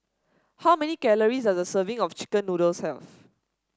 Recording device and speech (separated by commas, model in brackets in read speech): standing microphone (AKG C214), read sentence